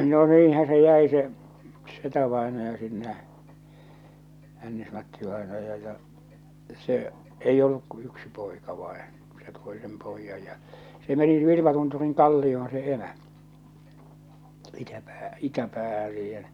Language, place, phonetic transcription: Finnish, Salla, no 'niin̬hä se jäi se , 'setävàenaja sinne , 'Hännis-Matti-vàenaja ja , se , 'eij ‿olluk ku 'yksi poika vain̬ , se 'toi sem poijjaj ja , se meni 'Vi(lm)atunturiŋ "kalli₍oon se 'emä , itäpä- 'itäpäähä siihen .
- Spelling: no niinhän se jäi se setävainaja sinne Hännis-Matti-vainaja ja se ei ollut kuin yksi poika vain se toi sen pojan ja se meni Vilmatunturin kallioon se emä - itäpäähän siihen

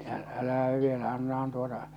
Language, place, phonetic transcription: Finnish, Salla, ä- , 'älähäv vielä 'annahan tuota .
- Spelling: - älähän vielä annahan tuota

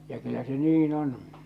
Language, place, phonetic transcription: Finnish, Salla, ja kyllä se 'nii'n ‿on .
- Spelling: ja kyllä se niin on

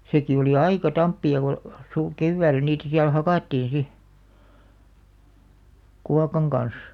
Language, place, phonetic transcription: Finnish, Alastaro, seki olì "aika 'tamppi₍a ko , su- , "kevvääl̆lä niitä siäl 'hakàttiin 'si , 'kuakaŋ kan̬§s .
- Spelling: sekin oli aika tamppia kun - keväällä niitä siellä hakattiin sitten kuokan kanssa

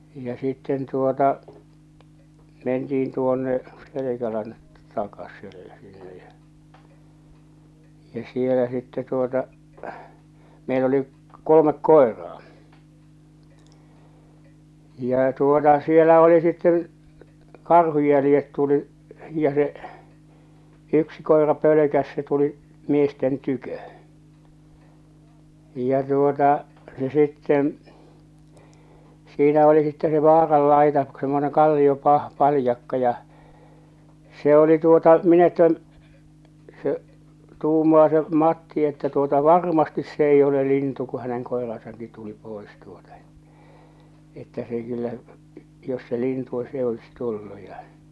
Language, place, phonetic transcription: Finnish, Salla, ja sitten tuota , 'mentiin 'tuonne , "Selekälän 'takas̆selle , sinne ja , ja͕ 'sielä sittɛ tuota , meil ‿oli’ , "kolomek "koeraa , jà tuota sielä oli sitteḛ , 'karhuj jälⁱjet tuli’ , ja se’ , "yksi "koḙra "pölökäs se tuli’ , "miesten "tykö , j̀a tuota , se sitten̬ , siinä oli sitte se 'vaarallaita semmoneŋ 'kalliopah- , 'palⁱjakka ja , se ‿oli tuota , 'min ‿että , se , 'tuumaa se 'Matti että tuota "varmastis 's ‿eij ‿ole 'lintu ku häneŋ "koerasaŋki tuli "pòes tuota ᴇttᴀ̈ , että se kyllä , jos se 'lintu o "s ‿e 'olis "tullu ja .
- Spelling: ja sitten tuota mentiin tuonne Selkälän takaiselle sinne ja ja siellä sitten tuota meillä oli kolme koiraa ja tuota siellä oli sitten karhun jäljet tuli ja se yksi koira pelkäsi se tuli miesten tykö ja tuota se sitten siinä oli sitten se vaaranlaita semmoinen - kalliopaljakka ja se oli tuota minä että se tuumaa se Matti että tuota varmasti se ei ole lintu kun hänen koiransakin tuli pois tuota että että se kyllä jos se lintu on se ei olisi tullut ja

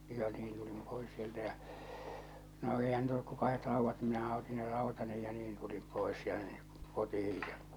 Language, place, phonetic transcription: Finnish, Salla, ja niin tulim pois sieltä jä͔ , no 'èihän niit ‿olluk ko 'kahet 'rauvvat ni minähä oti ne 'rào̭tani ja 'niin tulim 'pòes tᴀ̈ɴɴᴇ , 'kotihij ᴊᴀ .
- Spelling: ja niin tulin pois sieltä ja no eihän niitä ollut kuin kahdet raudat niin minähän otin ne rautani ja niin tulin pois tänne kotiin ja

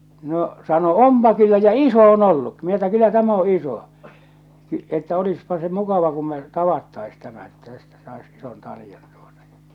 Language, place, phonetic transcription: Finnish, Salla, no , sano , » "ompa kyllä ja "iso on ollukki « minä että » 'kyllä täm ‿o 'iso , että olispa se "mukava kum me , "tavattais tämä että tästä sais 'ison 'talⁱjan « tᴜᴏtᴀ ᴊᴀ .
- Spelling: no sanoi onpa kyllä ja iso on ollutkin minä että kyllä tämä on iso että olisipa se mukava kun me tavattaisiin tämä että tästä saisi ison taljan tuota ja

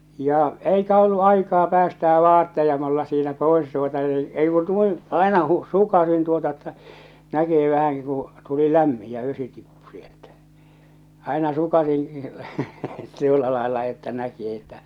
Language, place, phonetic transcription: Finnish, Salla, ja , 'eikä 'ollu 'aikaa 'päästää 'vaatteja mulla siinä 'poes tuota ni , ei ku 'nuin , àena hu- , 'sukasin tuota että , 'näkisi vähäŋki kuṵ , tuli "lämmi , ja̰ 'vesi tippu sieltᴀ̈ , àena 'sukasiḭ , 'tuolla làella että näki että ,.
- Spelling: ja eikä ollut aikaa päästää vaatteita minulla siinä pois tuota niin ei kun noin aina - sukaisin tuota että näkisi vähänkin kun tuli lämmin ja vesi tippui sieltä aina sukaisin tuolla lailla että näki että

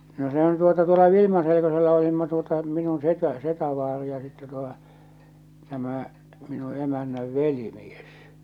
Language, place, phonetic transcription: Finnish, Salla, no 'sehän tuota tuola 'Vilimaselekosella olimma tuota minun 'setä , 'setävaari ja sittɛ tuotᴀ , tämä̀ , minu 'emännäv "veli'mies .
- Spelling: no sehän tuota tuolla Vilmaselkosella olimme tuota minun setä setävaari ja sitten tuota tämä minun emännän velimies

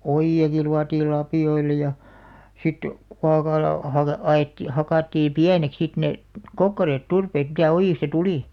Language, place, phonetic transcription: Finnish, Alastaro, oji₍aki 'luatiil 'lapì₍oil̆la ja , sit , 'kuakala , haka- , 'a₍et- 'hakàtti "piänek sit ne , "kokkareet "turpeet mitä 'ojìsta "tulì .
- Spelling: ojiakin luotiin lapioilla ja sitten kuokalla - - hakattiin pieneksi sitten ne kokkareet turpeet mitä ojista tuli

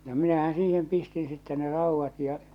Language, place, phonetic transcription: Finnish, Salla, no minähän̬ 'siihem 'pistin sitte ne 'ràuvvat ja .
- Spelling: no minähän siihen pistin sitten ne raudat ja

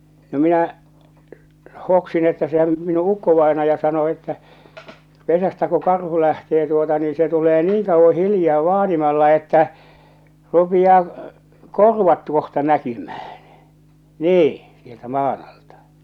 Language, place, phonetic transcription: Finnish, Salla, no 'minä̀ , 'hoksin että sehäm , minu 'ukkovaḙnaja sano että , 'pesästä ku 'karhu lähtee tuota nii se tulee "niiŋ 'kauvvo "hiljaa "vaanimalla että , 'rupiʲaa , "korvat tuoh̳ta 'näkymᴀ̈ᴀ̈ɴ , 'nii , sieltä 'maan ‿altᴀ .
- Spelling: no minä hoksin että sehän minun ukkovainaja sanoi että pesästä kun karhu lähtee tuota niin se tulee niin kauan hiljaa vaanimalla että rupeaa korvat tuolta näkymään niin sieltä maan alta

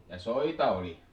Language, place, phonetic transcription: Finnish, Pielisjärvi, Ja soita oli .
- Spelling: ja soita oli

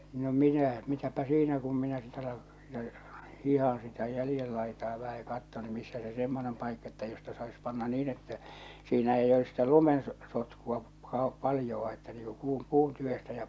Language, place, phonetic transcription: Finnish, Salla, no 'minä , mitäpä 'siinä kum minä sit ‿ala ja , 'hihaa̰ sitä 'jälⁱjel laitaa vähä ja katton ny missä se 'semmonem paikka että josta sais panna "nii'n ‿että , siinä eij ‿ois sitä 'lumen ˢᵒˉ 'sotkua pa- , 'paljoʷ a että niiŋ ku puu , 'puun tyvestä ja .
- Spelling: no minä mitäpä siinä kun minä sitten alan ja hiihdän sitä jäljen laitaa vähän ja katson nyt missä se semmoinen paikka että josta saisi panna niin että siinä ei olisi sitä lumen - sotkua - paljoa - että niin kuin puu puun tyvestä ja

